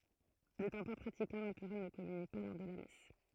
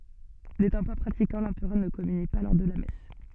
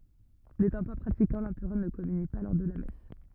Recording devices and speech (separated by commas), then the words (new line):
throat microphone, soft in-ear microphone, rigid in-ear microphone, read sentence
N'étant pas pratiquant, l'Empereur ne communie pas lors de la messe.